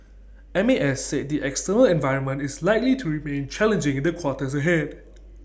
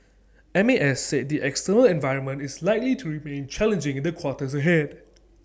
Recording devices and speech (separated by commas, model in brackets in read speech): boundary microphone (BM630), standing microphone (AKG C214), read sentence